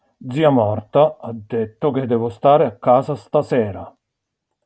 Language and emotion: Italian, angry